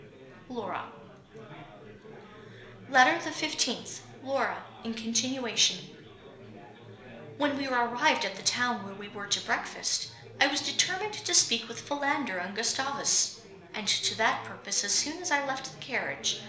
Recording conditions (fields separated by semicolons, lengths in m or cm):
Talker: one person; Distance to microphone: 1.0 m; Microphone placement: close; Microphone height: 1.1 m; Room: small (3.7 m by 2.7 m); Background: babble